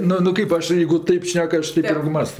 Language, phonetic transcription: Lithuanian, ˈnu nu ˈkaip aš ˈjėigu ˈtaip ˈšnek ˈaš ˈteip ˈirgi ˈmąsto

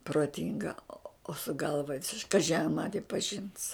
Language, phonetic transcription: Lithuanian, proˈtinga o su ˈgalva ˈvisiš ˈkaži ar ˈmani paˈžins

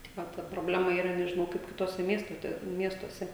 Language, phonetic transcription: Lithuanian, tik ˈva ta proˈblema yˈra nežiˈnau kaip kiˈtuose ˈmiestote ˈmiestuose

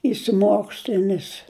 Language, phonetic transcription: Lithuanian, išsiˈmokslinis

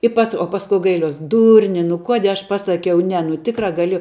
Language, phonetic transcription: Lithuanian, i ˈpas o ˈpasku gaiˈliuos ˈdurni nu ˈkuodie aš ˈpasakiau ˈne nu ˈtikra gaˈlėjau

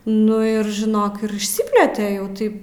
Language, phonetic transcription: Lithuanian, ˈnu ir žiˈnok ir išˈsiplėte jau ˈtaip

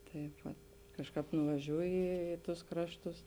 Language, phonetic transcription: Lithuanian, ˈtaip vat ˈkažˌkāp nuvaˈžiūji ˈį į ˌtus ˈkrašˌtus

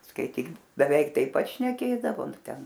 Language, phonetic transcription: Lithuanian, skaiˈtyk beˈveik taip ˈpat šneˈkėdavo nu ˈten

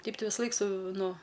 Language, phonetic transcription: Lithuanian, ˈteip ˈtai visaˈlaik su ˈnu

